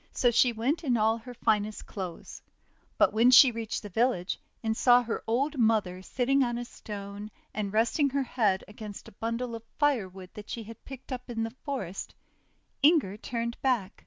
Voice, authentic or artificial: authentic